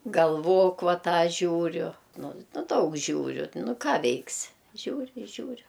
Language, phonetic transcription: Lithuanian, galˈvok ˈva ˈtą ˈžiūriu ˈnu ˈnu ˈdaug ˈžiūriu ˈnu ˈką ˈveiksi ˈžiūri i ˈžiūriu

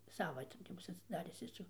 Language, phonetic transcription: Lithuanian, ˈsava ti ti ˈbus atsiˈdaris ˈjis jau

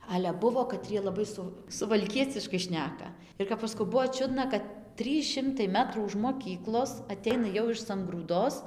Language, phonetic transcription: Lithuanian, ale ˈbuvo kaˈtrie laˈbai ˈsu suvalˈkieciškai ˈšneka ir kap ˈaš saˈkau ˈbuvo ˈčiudna kad ˈtrys ˈšimtai ˈmetrų už moˈkyklos aˈteina jau iš sangrūˈdos

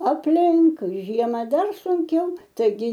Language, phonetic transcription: Lithuanian, apˈlink ˈžiema ˈdar sunˈkiau taiˈgi

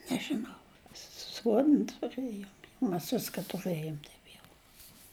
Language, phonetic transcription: Lithuanian, nežiˈnau ˈsuodn tuˈrɘjom mes ˈviska tuˈrɘjom ˈtaip jau

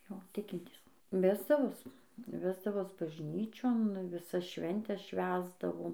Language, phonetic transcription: Lithuanian, ˈjo ˈtikintys ˈvesdavos ˈvesdavos bažˈnyčion viˈsas ˈšventes ˈšvęsdavom

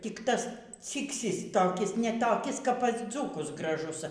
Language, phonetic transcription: Lithuanian, tik ˈtas ˈcyksys toˈkis ne toˈkis kap pas ˈdzūkus graˈžus

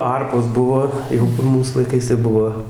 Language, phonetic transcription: Lithuanian, ˈarpos ˈbuvo ˈjau kur ˈmūs laiˈkais tai ˈbuvo

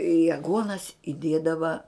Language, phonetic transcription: Lithuanian, i aˈguonas iˈdiedava

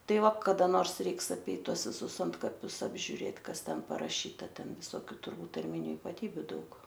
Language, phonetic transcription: Lithuanian, ˈtai ˈva kada ˈnors ˈreiks aˈpeit ˈtuos viˈsus ˈantkapius apžiuˈrėt ˈkas ˈten paraˈšyta ˈten visoˈkių turˈbūt tarˈminiu ipaˈtybiu ˈdaug

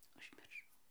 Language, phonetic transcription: Lithuanian, užmirˈšau

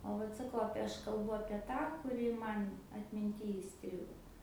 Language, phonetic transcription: Lithuanian, o ˈvat saˈkau ˈapie ˈaš kalˈbu apie ˈtą kuˈri ˈman atminˈty įˈstrigo

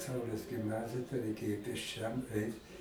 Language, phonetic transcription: Lithuanian, ˈsaulės gimˈnazija tai raiˈkėjo pėsˈčiam ˈeit

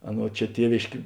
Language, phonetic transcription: Lithuanian, ˈaˌnuo ˈčia ˈtievėškė

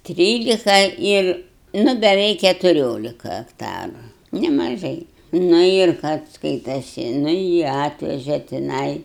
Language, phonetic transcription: Lithuanian, ˈtrylika ˈir ˈnu beˈveik ketuˈriolika akˈtaru nemaˈžai ˈnu ir kad ˈskaitasi ˈnu jį ˈatveže tiˈnai

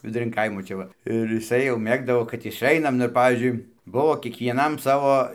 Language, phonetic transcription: Lithuanian, viduˈrin ˈkaimo ˈčia va ir jiˈsai jau ˈmėgdavo kad išˈainam nu ir ˈpavyzdžiui ˈbuvo kiekvieˈnam ˈsavo

